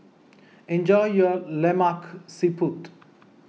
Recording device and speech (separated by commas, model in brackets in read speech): mobile phone (iPhone 6), read sentence